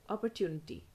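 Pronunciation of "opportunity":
'Opportunity' is said with an American pronunciation, and its 'tu' part is pronounced as 'tunity'.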